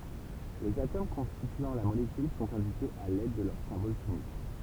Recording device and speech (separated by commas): temple vibration pickup, read sentence